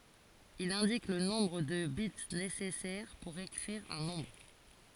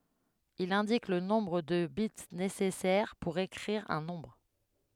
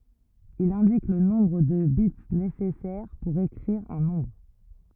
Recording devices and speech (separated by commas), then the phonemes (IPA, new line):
forehead accelerometer, headset microphone, rigid in-ear microphone, read sentence
il ɛ̃dik lə nɔ̃bʁ də bit nesɛsɛʁ puʁ ekʁiʁ œ̃ nɔ̃bʁ